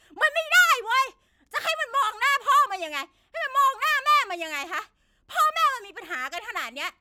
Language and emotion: Thai, angry